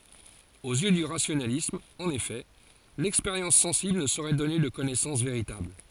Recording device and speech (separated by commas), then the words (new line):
forehead accelerometer, read sentence
Aux yeux du rationalisme, en effet, l’expérience sensible ne saurait donner de connaissance véritable.